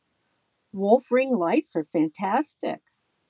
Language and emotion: English, neutral